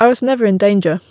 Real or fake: real